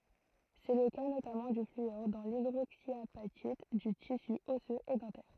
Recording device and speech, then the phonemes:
throat microphone, read sentence
sɛ lə ka notamɑ̃ dy flyɔʁ dɑ̃ lidʁoksjapatit dy tisy ɔsøz e dɑ̃tɛʁ

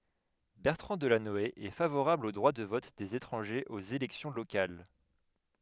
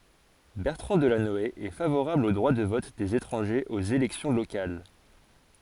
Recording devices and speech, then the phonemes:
headset microphone, forehead accelerometer, read sentence
bɛʁtʁɑ̃ dəlanɔe ɛ favoʁabl o dʁwa də vɔt dez etʁɑ̃ʒez oz elɛksjɔ̃ lokal

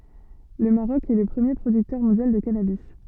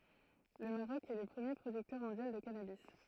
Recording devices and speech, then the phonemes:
soft in-ear microphone, throat microphone, read sentence
lə maʁɔk ɛ lə pʁəmje pʁodyktœʁ mɔ̃djal də kanabi

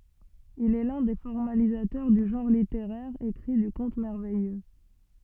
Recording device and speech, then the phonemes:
soft in-ear microphone, read sentence
il ɛ lœ̃ de fɔʁmalizatœʁ dy ʒɑ̃ʁ liteʁɛʁ ekʁi dy kɔ̃t mɛʁvɛjø

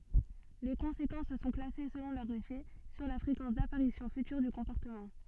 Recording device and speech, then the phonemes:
soft in-ear microphone, read sentence
le kɔ̃sekɑ̃s sɔ̃ klase səlɔ̃ lœʁ efɛ syʁ la fʁekɑ̃s dapaʁisjɔ̃ fytyʁ dy kɔ̃pɔʁtəmɑ̃

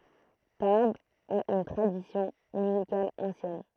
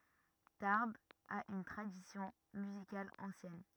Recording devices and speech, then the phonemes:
throat microphone, rigid in-ear microphone, read sentence
taʁbz a yn tʁadisjɔ̃ myzikal ɑ̃sjɛn

